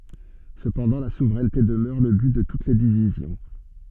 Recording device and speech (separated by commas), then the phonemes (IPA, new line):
soft in-ear microphone, read sentence
səpɑ̃dɑ̃ la suvʁɛnte dəmœʁ lə byt də tut le divizjɔ̃